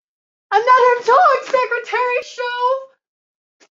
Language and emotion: English, fearful